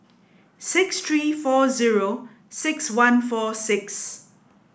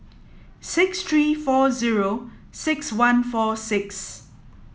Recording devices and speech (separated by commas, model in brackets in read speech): boundary microphone (BM630), mobile phone (iPhone 7), read sentence